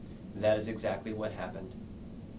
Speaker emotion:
neutral